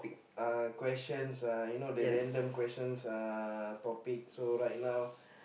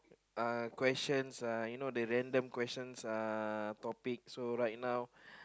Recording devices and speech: boundary microphone, close-talking microphone, conversation in the same room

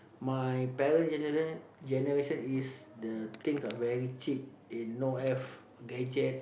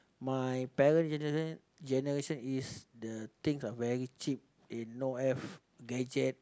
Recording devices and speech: boundary microphone, close-talking microphone, conversation in the same room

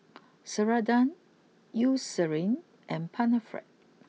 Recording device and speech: mobile phone (iPhone 6), read sentence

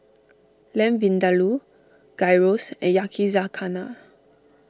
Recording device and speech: standing microphone (AKG C214), read sentence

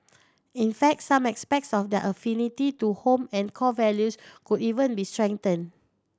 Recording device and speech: standing microphone (AKG C214), read sentence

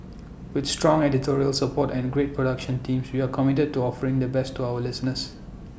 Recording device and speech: boundary microphone (BM630), read sentence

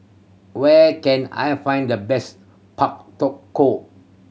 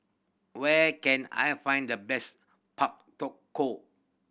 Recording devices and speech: mobile phone (Samsung C7100), boundary microphone (BM630), read sentence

